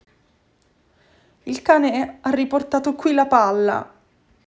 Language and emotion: Italian, sad